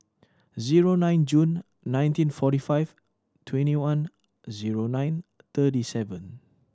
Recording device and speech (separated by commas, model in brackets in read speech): standing microphone (AKG C214), read sentence